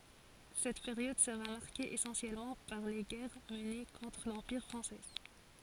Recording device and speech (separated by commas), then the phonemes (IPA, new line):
forehead accelerometer, read sentence
sɛt peʁjɔd səʁa maʁke esɑ̃sjɛlmɑ̃ paʁ le ɡɛʁ məne kɔ̃tʁ lɑ̃piʁ fʁɑ̃sɛ